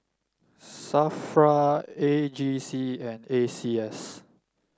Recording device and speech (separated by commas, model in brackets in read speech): standing microphone (AKG C214), read sentence